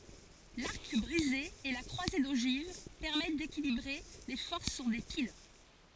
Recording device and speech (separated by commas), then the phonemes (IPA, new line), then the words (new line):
forehead accelerometer, read sentence
laʁk bʁize e la kʁwaze doʒiv pɛʁmɛt dekilibʁe le fɔʁs syʁ de pil
L’arc brisé et la croisée d'ogives permettent d'équilibrer les forces sur des piles.